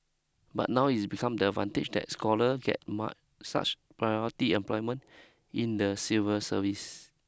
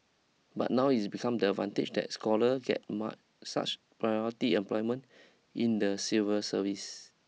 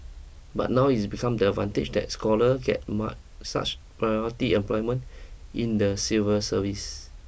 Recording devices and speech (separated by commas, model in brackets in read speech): close-talking microphone (WH20), mobile phone (iPhone 6), boundary microphone (BM630), read sentence